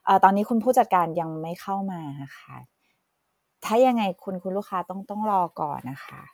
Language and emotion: Thai, neutral